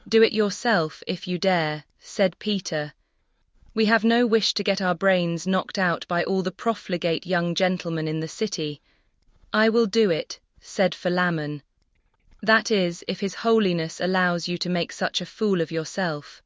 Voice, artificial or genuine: artificial